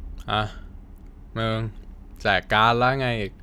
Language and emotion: Thai, frustrated